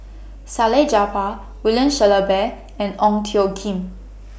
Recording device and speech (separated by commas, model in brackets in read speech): boundary microphone (BM630), read sentence